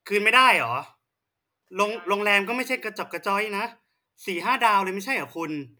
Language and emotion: Thai, angry